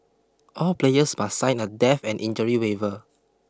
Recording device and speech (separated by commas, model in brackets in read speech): close-talking microphone (WH20), read sentence